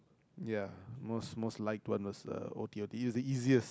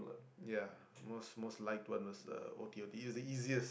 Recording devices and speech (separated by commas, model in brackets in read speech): close-talking microphone, boundary microphone, conversation in the same room